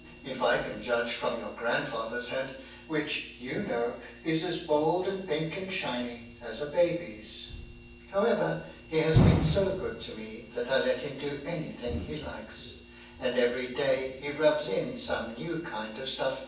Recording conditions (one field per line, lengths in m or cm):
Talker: one person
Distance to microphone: 9.8 m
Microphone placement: far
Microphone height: 1.8 m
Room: large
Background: none